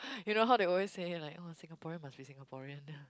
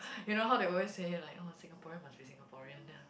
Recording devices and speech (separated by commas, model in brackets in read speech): close-talking microphone, boundary microphone, conversation in the same room